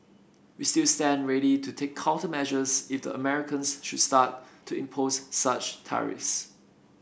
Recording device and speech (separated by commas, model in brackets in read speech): boundary microphone (BM630), read sentence